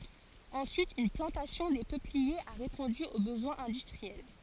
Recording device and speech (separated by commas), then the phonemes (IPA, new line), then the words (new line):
forehead accelerometer, read sentence
ɑ̃syit yn plɑ̃tasjɔ̃ de pøpliez a ʁepɔ̃dy o bəzwɛ̃z ɛ̃dystʁiɛl
Ensuite une plantation des peupliers a répondu aux besoins industriels.